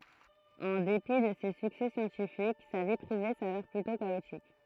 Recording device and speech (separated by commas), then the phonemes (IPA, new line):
throat microphone, read sentence
ɑ̃ depi də se syksɛ sjɑ̃tifik sa vi pʁive savɛʁ plytɔ̃ kaotik